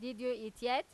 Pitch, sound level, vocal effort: 250 Hz, 95 dB SPL, loud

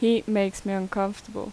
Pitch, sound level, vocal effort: 200 Hz, 83 dB SPL, normal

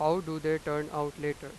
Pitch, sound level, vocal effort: 150 Hz, 95 dB SPL, loud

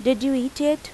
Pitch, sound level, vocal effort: 270 Hz, 85 dB SPL, normal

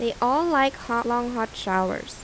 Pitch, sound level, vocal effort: 235 Hz, 85 dB SPL, normal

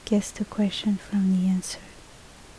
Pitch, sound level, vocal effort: 195 Hz, 67 dB SPL, soft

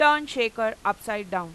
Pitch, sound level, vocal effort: 220 Hz, 98 dB SPL, very loud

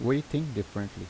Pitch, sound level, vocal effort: 115 Hz, 82 dB SPL, normal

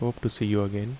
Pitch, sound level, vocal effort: 115 Hz, 75 dB SPL, soft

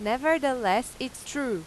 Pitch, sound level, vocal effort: 250 Hz, 92 dB SPL, loud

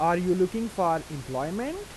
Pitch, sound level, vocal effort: 180 Hz, 90 dB SPL, normal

